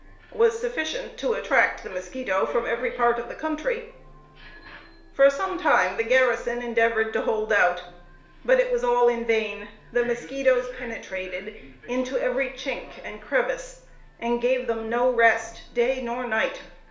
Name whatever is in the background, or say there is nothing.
A television.